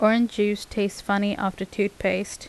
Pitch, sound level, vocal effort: 205 Hz, 82 dB SPL, normal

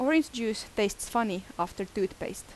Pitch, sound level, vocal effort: 215 Hz, 83 dB SPL, loud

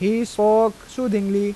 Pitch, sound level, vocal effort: 210 Hz, 91 dB SPL, loud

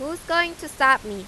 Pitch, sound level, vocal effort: 305 Hz, 95 dB SPL, loud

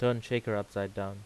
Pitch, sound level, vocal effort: 105 Hz, 85 dB SPL, normal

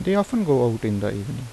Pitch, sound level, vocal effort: 125 Hz, 81 dB SPL, normal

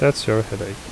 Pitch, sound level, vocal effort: 110 Hz, 74 dB SPL, soft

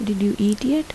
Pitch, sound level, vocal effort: 210 Hz, 78 dB SPL, soft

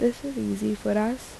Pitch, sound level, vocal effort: 220 Hz, 76 dB SPL, soft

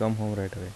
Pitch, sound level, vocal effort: 105 Hz, 78 dB SPL, soft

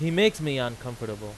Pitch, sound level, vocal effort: 125 Hz, 94 dB SPL, very loud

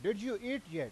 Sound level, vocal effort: 96 dB SPL, very loud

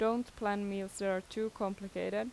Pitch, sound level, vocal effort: 205 Hz, 84 dB SPL, normal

